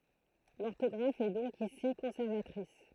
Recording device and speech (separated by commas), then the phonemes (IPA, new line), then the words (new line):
throat microphone, read sentence
lɔʁtɔɡʁaf ɛ dɔ̃k isi kɔ̃sɛʁvatʁis
L'orthographe est donc ici conservatrice.